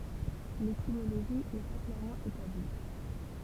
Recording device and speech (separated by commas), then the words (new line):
temple vibration pickup, read sentence
L'étymologie n'est pas clairement établie.